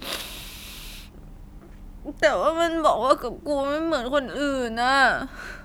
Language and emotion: Thai, sad